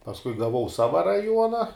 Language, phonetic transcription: Lithuanian, pasˈkui gaˈvau ˈsava raˈjuona

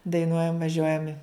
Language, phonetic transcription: Lithuanian, daiˈnuojam vaˈžiuojam i

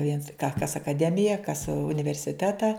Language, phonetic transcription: Lithuanian, viens ka kas akaˈdemija kas universiˈteta

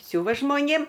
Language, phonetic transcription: Lithuanian, ˈsiuva žmoˈnėm

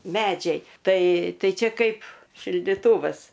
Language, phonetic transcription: Lithuanian, ˈmedžiai ˈtai ˈtai ˈčia ˈkaip šildiˈtūvas

